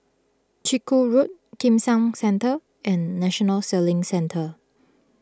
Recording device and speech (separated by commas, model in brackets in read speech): close-talking microphone (WH20), read sentence